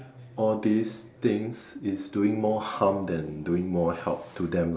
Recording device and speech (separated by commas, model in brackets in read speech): standing microphone, conversation in separate rooms